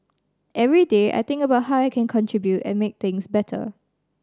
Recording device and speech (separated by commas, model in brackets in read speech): standing microphone (AKG C214), read sentence